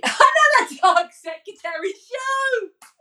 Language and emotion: English, happy